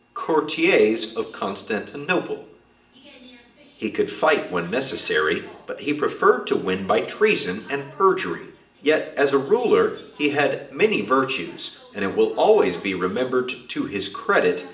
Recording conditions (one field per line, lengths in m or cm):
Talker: one person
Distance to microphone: 1.8 m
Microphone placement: close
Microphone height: 1.0 m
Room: large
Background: television